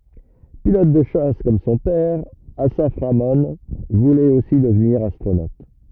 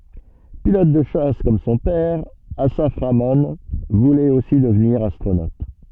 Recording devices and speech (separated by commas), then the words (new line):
rigid in-ear microphone, soft in-ear microphone, read sentence
Pilote de chasse comme son père, Assaf Ramon voulait aussi devenir astronaute.